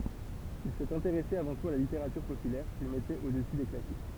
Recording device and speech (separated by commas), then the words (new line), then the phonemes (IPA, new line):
temple vibration pickup, read sentence
Il s'est intéressé avant tout à la littérature populaire, qu'il mettait au-dessus des Classiques.
il sɛt ɛ̃teʁɛse avɑ̃ tut a la liteʁatyʁ popylɛʁ kil mɛtɛt odəsy de klasik